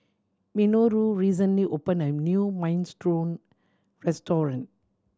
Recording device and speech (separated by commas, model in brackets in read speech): standing microphone (AKG C214), read sentence